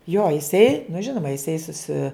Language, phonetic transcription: Lithuanian, jo jiˈsai nu ˈžinoma jiˈsai suˈsi

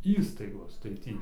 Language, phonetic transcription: Lithuanian, ˈįstaigos tai ˈtį

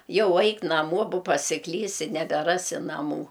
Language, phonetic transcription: Lithuanian, ˈjau ˈaik naˈmo bo pasiˈklysi nebeˈrasi naˈmų

